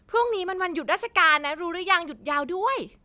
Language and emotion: Thai, happy